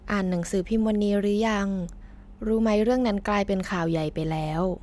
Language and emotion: Thai, neutral